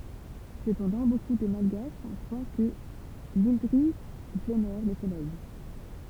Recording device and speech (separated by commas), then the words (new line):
temple vibration pickup, read sentence
Cependant, beaucoup de malgaches croient que l'indri vénère le soleil.